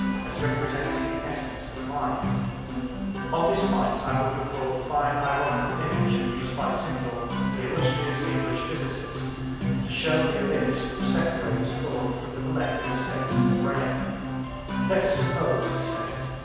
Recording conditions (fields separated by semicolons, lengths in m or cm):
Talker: one person; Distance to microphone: 7.1 m; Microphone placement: far; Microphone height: 1.7 m; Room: very reverberant, large; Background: music